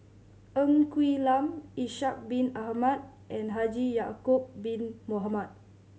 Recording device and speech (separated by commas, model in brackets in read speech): mobile phone (Samsung C7100), read sentence